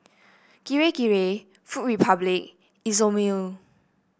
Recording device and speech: boundary microphone (BM630), read sentence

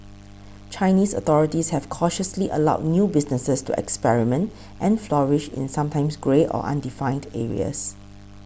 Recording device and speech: boundary microphone (BM630), read sentence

